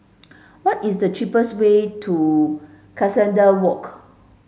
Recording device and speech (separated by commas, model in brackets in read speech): mobile phone (Samsung S8), read sentence